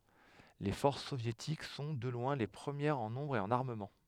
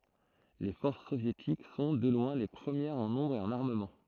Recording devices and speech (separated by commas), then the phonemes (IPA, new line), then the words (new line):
headset microphone, throat microphone, read sentence
le fɔʁs sovjetik sɔ̃ də lwɛ̃ le pʁəmjɛʁz ɑ̃ nɔ̃bʁ e ɑ̃n aʁməmɑ̃
Les forces soviétiques sont, de loin, les premières en nombre et en armement.